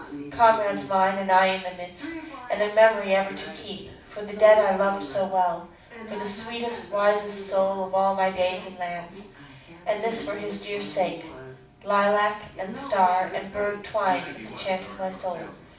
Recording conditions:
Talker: one person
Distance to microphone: 5.8 m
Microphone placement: far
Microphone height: 1.8 m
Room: medium-sized (5.7 m by 4.0 m)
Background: television

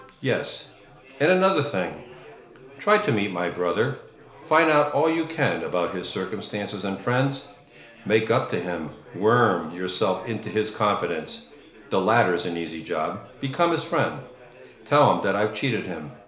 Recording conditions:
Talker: one person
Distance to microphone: 1.0 m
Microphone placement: close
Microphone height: 1.1 m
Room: small (3.7 m by 2.7 m)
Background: babble

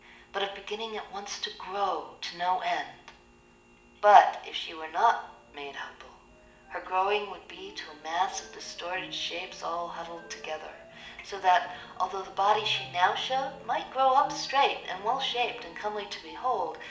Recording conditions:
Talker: one person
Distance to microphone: 1.8 m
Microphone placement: close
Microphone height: 1.0 m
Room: large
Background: music

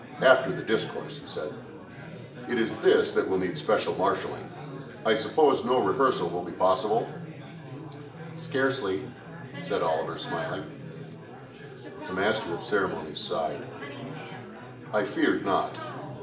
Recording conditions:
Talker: one person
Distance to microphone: 1.8 m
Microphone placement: close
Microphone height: 1.0 m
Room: large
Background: babble

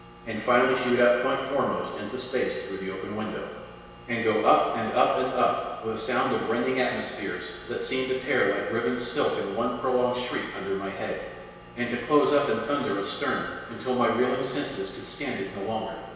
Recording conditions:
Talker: one person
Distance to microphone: 1.7 m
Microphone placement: close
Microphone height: 1.0 m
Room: very reverberant, large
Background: none

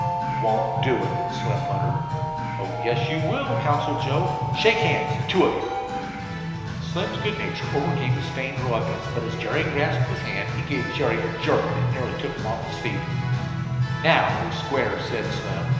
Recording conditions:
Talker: one person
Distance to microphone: 1.7 m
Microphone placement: close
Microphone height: 1.0 m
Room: very reverberant, large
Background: music

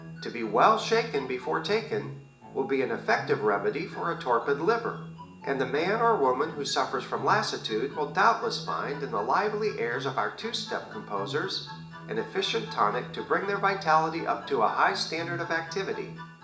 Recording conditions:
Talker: one person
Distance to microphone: 1.8 m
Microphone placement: close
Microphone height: 1.0 m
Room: large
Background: music

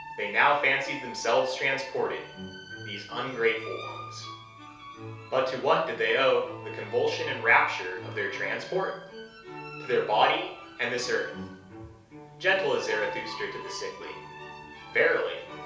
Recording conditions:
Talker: one person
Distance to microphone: 3.0 m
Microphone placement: far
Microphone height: 1.8 m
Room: small (3.7 m by 2.7 m)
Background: music

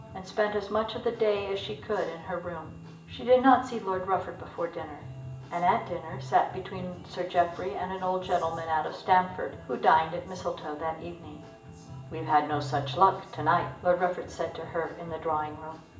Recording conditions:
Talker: one person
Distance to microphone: 1.8 m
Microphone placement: close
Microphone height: 1.0 m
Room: large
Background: music

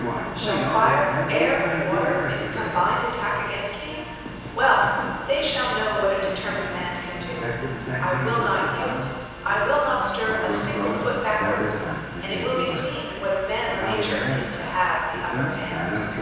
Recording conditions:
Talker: one person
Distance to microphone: 7.1 m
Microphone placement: far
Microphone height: 1.7 m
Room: very reverberant, large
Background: television

